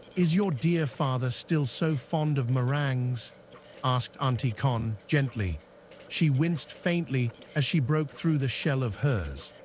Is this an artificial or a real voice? artificial